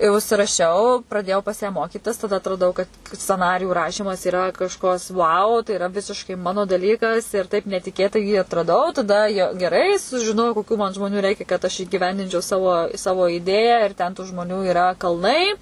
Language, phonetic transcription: Lithuanian, i užsiraˈšiau praˈdėjau pas ją ˈmokytis tada atraˈdau kad sceˈnarijų ˈrašymas yra kažˈkas vau tai iˈra ˈvisiškai ˈmano daˈlykas ir ˈtaip netiˈkėtai jį atraˈdau taˈda ja geˈrai sužiˈnojau koˈkių man žmˈoniu ˈreikia kad aš įgiˈvendinčiau ˈsavo ˈsavo ˈidėją ir ten tų žmoˈnių iˈra kalˈnai

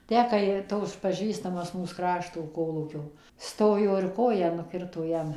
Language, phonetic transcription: Lithuanian, ˈtę ˈkai ˈtoks paˈžįstamas ˈmūs ˈkrašto ˈkolūkio ˈstojo ir ˈkoją nuˈkirto ˈjam

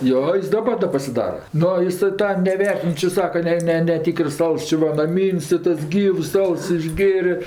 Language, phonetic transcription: Lithuanian, ˈjo ˈjis daˈbar da pasiˈdara ˈnu ˈisɜ ˈtą neˈvertin ˈči ˈsaka ˈne ˈne neˈtykərs ˈals ˈči va naˈmyn's' tai ˈtas ˈgyvs ˈals išˈgėrė

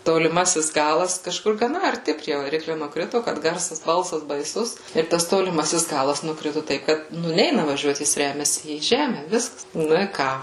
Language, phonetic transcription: Lithuanian, toliˈmasis ˈgalas kažˈkur gaˈna arˈti prie vaˈrikliu nukˈritu kad ˈgarsas ˈbalsas baiˈsus ir ˈtas toliˈmasis ˈgalas nuˈkritu ˈtaip ˈkad ˈnu ˈneina vaˈžiuot ˈjis ˈremiasi į ˈžeme ˈviskas ˈnu i ˈką

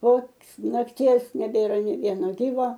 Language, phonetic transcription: Lithuanian, po nakˈties neˈbėra nė ˈvieno ˈgyvo

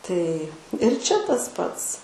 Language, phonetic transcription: Lithuanian, tai ir ˈčia tas ˈpats

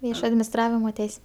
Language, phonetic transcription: Lithuanian, ˈviešo adminisˈtravimo ˈteis'

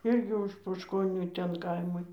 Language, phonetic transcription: Lithuanian, ˈirgi už poškoˈnių ˈten ˈkaimai

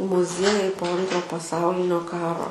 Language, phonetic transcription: Lithuanian, muˈziejai po ˈantro paˈsaulinio ˈkaro

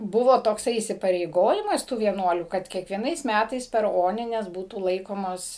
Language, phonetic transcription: Lithuanian, ˈbuvo tokˈsai įsipareiˈgojimas tų vieˈnuolių kad kiekvieˈnais ˈmætais per ˈonines ˈbūtų ˈlaikomos

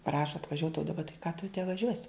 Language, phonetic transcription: Lithuanian, ˈprašo atvaˈžiuot o daˈba tai ką tu te vaˈžiuosi

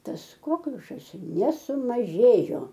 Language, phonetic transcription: Lithuanian, ˈtas ˈkokliušas nesumaˈžėjo

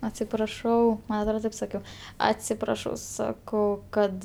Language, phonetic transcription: Lithuanian, atsipraˈšau ˈman atˈrod ˈtaip saˈkiau atsipraˈšau saˈkau ˈkad

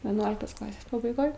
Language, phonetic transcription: Lithuanian, veˈnuoliktos ˈklasės pabaiˈgoj

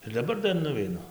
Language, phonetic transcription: Lithuanian, ir daˈbar ˈdar nuveiˈnu

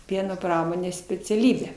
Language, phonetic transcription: Lithuanian, ˈpieno ˈpramonės speciaˈlybę

